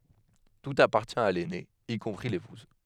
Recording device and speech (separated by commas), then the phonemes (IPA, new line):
headset microphone, read sentence
tut apaʁtjɛ̃ a lɛne i kɔ̃pʁi lepuz